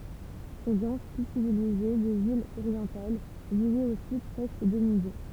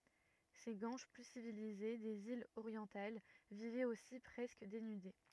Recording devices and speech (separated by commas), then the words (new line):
temple vibration pickup, rigid in-ear microphone, read sentence
Ces Guanches plus civilisés des îles orientales vivaient aussi presque dénudés.